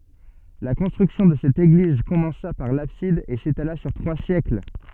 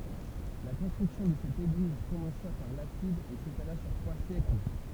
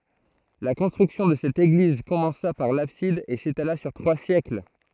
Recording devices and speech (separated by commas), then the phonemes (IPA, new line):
soft in-ear microphone, temple vibration pickup, throat microphone, read sentence
la kɔ̃stʁyksjɔ̃ də sɛt eɡliz kɔmɑ̃sa paʁ labsid e setala syʁ tʁwa sjɛkl